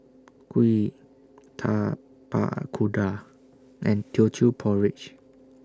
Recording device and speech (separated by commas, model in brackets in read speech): standing microphone (AKG C214), read sentence